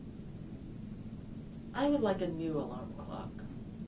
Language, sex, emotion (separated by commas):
English, female, neutral